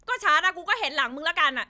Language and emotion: Thai, angry